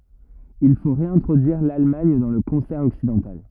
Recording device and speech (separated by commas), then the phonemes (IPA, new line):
rigid in-ear microphone, read sentence
il fo ʁeɛ̃tʁodyiʁ lalmaɲ dɑ̃ lə kɔ̃sɛʁ ɔksidɑ̃tal